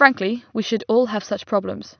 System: none